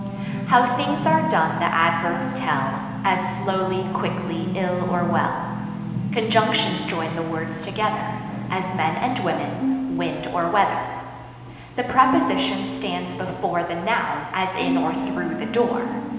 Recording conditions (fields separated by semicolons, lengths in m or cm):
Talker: one person; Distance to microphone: 1.7 m; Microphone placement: close; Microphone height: 1.0 m; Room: very reverberant, large; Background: television